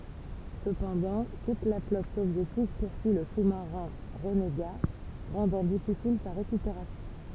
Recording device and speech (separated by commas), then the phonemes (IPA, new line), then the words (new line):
temple vibration pickup, read sentence
səpɑ̃dɑ̃ tut la flɔt sovjetik puʁsyi lə su maʁɛ̃ ʁəneɡa ʁɑ̃dɑ̃ difisil sa ʁekypeʁasjɔ̃
Cependant, toute la flotte soviétique poursuit le sous-marin renégat, rendant difficile sa récupération.